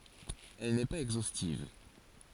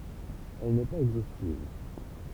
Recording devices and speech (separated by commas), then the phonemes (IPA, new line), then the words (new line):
forehead accelerometer, temple vibration pickup, read sentence
ɛl nɛ paz ɛɡzostiv
Elle n'est pas exhaustive.